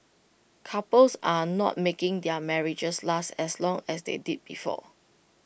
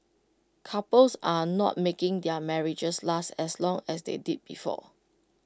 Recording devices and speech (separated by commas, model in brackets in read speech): boundary microphone (BM630), close-talking microphone (WH20), read sentence